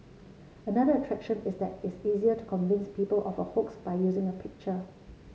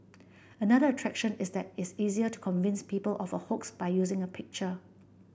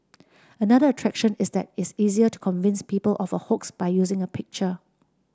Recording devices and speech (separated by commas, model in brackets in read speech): mobile phone (Samsung C7), boundary microphone (BM630), standing microphone (AKG C214), read sentence